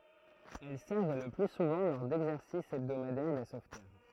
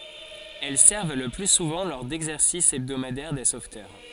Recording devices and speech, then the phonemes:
throat microphone, forehead accelerometer, read sentence
ɛl sɛʁv lə ply suvɑ̃ lɔʁ dɛɡzɛʁsis ɛbdomadɛʁ de sovtœʁ

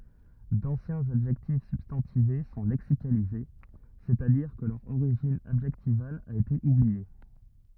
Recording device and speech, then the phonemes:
rigid in-ear microphone, read sentence
dɑ̃sjɛ̃z adʒɛktif sybstɑ̃tive sɔ̃ lɛksikalize sɛstadiʁ kə lœʁ oʁiʒin adʒɛktival a ete ublie

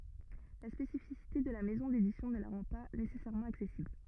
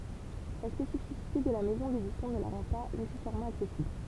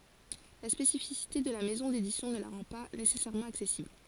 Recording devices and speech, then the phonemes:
rigid in-ear microphone, temple vibration pickup, forehead accelerometer, read sentence
la spesifisite də la mɛzɔ̃ dedisjɔ̃ nə la ʁɑ̃ pa nesɛsɛʁmɑ̃ aksɛsibl

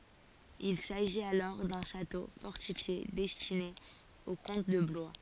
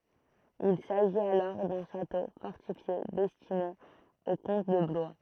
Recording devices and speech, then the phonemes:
forehead accelerometer, throat microphone, read sentence
il saʒit alɔʁ dœ̃ ʃato fɔʁtifje dɛstine o kɔ̃t də blwa

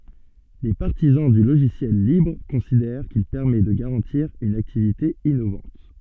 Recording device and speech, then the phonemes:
soft in-ear microphone, read sentence
le paʁtizɑ̃ dy loʒisjɛl libʁ kɔ̃sidɛʁ kil pɛʁmɛ də ɡaʁɑ̃tiʁ yn aktivite inovɑ̃t

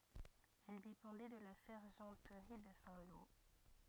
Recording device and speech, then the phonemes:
rigid in-ear microphone, read sentence
ɛl depɑ̃dɛ də la sɛʁʒɑ̃tʁi də sɛ̃ lo

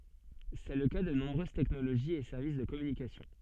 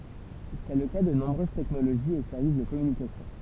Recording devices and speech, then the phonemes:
soft in-ear microphone, temple vibration pickup, read sentence
sɛ lə ka də nɔ̃bʁøz tɛknoloʒiz e sɛʁvis də kɔmynikasjɔ̃

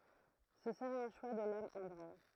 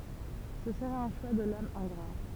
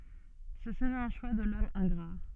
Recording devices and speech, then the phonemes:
throat microphone, temple vibration pickup, soft in-ear microphone, read sentence
sə səʁɛt œ̃ ʃwa də lɔm ɛ̃ɡʁa

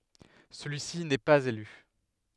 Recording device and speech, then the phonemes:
headset microphone, read sentence
səlyi si nɛ paz ely

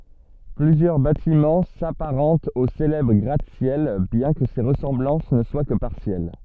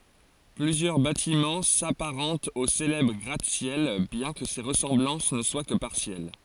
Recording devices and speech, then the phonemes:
soft in-ear microphone, forehead accelerometer, read sentence
plyzjœʁ batimɑ̃ sapaʁɑ̃tt o selɛbʁ ɡʁatəsjɛl bjɛ̃ kə se ʁəsɑ̃blɑ̃s nə swa kə paʁsjɛl

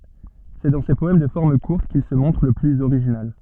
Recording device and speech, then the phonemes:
soft in-ear microphone, read sentence
sɛ dɑ̃ se pɔɛm də fɔʁm kuʁt kil sə mɔ̃tʁ lə plyz oʁiʒinal

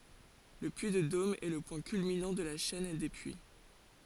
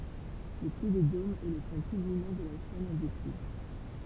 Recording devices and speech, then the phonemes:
forehead accelerometer, temple vibration pickup, read sentence
lə pyi də dom ɛ lə pwɛ̃ kylminɑ̃ də la ʃɛn de pyi

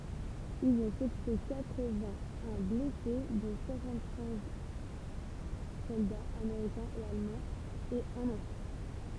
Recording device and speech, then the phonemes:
temple vibration pickup, read sentence
ilz ɔ̃ səkuʁy katʁ vɛ̃ œ̃ blɛse dɔ̃ swasɑ̃t kɛ̃z sɔldaz ameʁikɛ̃z e almɑ̃z e œ̃n ɑ̃fɑ̃

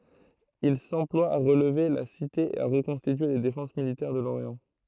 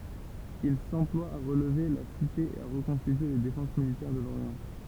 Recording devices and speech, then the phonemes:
throat microphone, temple vibration pickup, read sentence
il sɑ̃plwa a ʁəlve la site e a ʁəkɔ̃stitye le defɑ̃s militɛʁ də loʁjɑ̃

